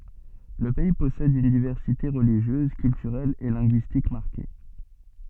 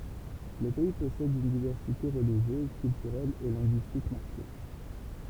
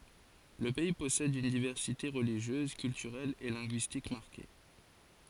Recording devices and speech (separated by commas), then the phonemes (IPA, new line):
soft in-ear microphone, temple vibration pickup, forehead accelerometer, read sentence
lə pɛi pɔsɛd yn divɛʁsite ʁəliʒjøz kyltyʁɛl e lɛ̃ɡyistik maʁke